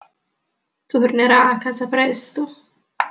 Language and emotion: Italian, sad